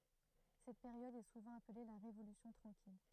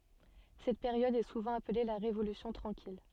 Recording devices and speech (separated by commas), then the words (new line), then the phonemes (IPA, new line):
throat microphone, soft in-ear microphone, read sentence
Cette période est souvent appelée la Révolution tranquille.
sɛt peʁjɔd ɛ suvɑ̃ aple la ʁevolysjɔ̃ tʁɑ̃kil